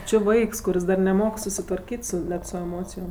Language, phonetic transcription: Lithuanian, ˈči ˈvaiks kuˈris dar neˈmok susitvarˈkyt' su ˈnet su eˈmocijom

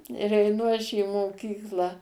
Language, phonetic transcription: Lithuanian, ir eiˈnu aš į moˈkyklą

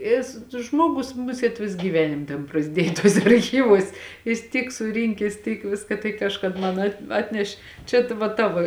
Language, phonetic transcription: Lithuanian, ˈis ˈžmuogus ˈmusėt ˈvis gyˈvenim tėn prasˈdiej tuoˈse arˈchyvuos ˈjis ˈtyk suˈrinkes ˈtyk ˈviska tai ˈkažkad ˈman at ˈatneš' ˈčia tva ˈtavo

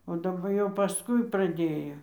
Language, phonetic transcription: Lithuanian, o daˈba jau paˈskui praˈdėjo

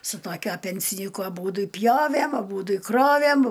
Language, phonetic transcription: Lithuanian, su toˈkiuo pensiˈnyku aˈbūdu i ˈpjovæm aˈbūdu i ˈkrovæm

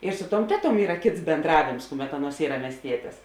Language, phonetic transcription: Lithuanian, ir ˈsu ˌtuom ˈteˌtuom ˈyra ˈkėts bėnˈdravėms ˈkuˌmet ˈaˌnuos ˈyra miesˈtietės

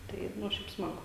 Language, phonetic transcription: Lithuanian, ˈtai ˈnu ˈšiaip ˈsmagu

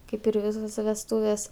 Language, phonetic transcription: Lithuanian, ˈkaip ir ˈvisose vesˈtūvės

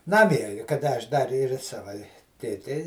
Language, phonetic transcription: Lithuanian, ˈnamie kaˈda aš dar ir i ˈsava i tėˈtei

